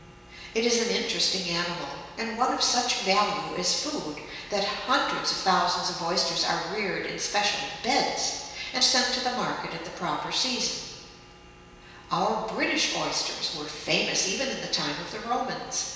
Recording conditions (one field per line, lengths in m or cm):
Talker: one person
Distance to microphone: 1.7 m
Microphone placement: close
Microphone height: 1.0 m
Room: very reverberant, large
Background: none